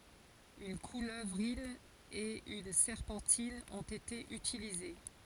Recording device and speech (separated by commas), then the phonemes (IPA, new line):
forehead accelerometer, read sentence
yn kuløvʁin e yn sɛʁpɑ̃tin ɔ̃t ete ytilize